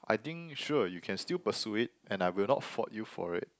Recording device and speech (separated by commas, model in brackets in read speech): close-talking microphone, conversation in the same room